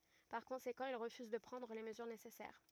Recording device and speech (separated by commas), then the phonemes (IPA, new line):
rigid in-ear microphone, read sentence
paʁ kɔ̃sekɑ̃ il ʁəfyz də pʁɑ̃dʁ le məzyʁ nesɛsɛʁ